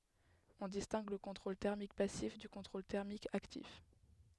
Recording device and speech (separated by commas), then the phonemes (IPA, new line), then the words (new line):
headset microphone, read sentence
ɔ̃ distɛ̃ɡ lə kɔ̃tʁol tɛʁmik pasif dy kɔ̃tʁol tɛʁmik aktif
On distingue le contrôle thermique passif du contrôle thermique actif.